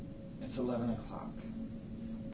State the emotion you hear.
neutral